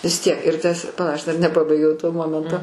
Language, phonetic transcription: Lithuanian, vis ˈtiek ir ˈtas paˈla ˈaš dar neˈpabaigiau to ˈmomento

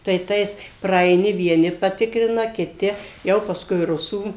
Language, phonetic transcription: Lithuanian, tai ˈtais praaiˈni vieˈni paˈtikrina kiˈti ˈjau pasˈkui ˈrusų

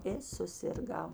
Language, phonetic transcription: Lithuanian, i susirˈgau

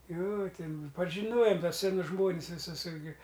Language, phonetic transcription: Lithuanian, jo ˈtin pažiˈnojom ˈtuos seˈnus ˈžmonis viˈsus ˈirgi

